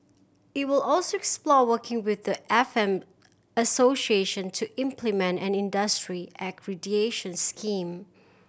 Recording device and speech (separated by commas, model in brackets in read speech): boundary microphone (BM630), read sentence